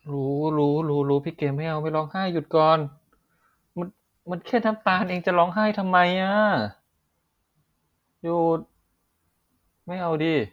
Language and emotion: Thai, frustrated